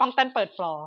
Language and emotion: Thai, happy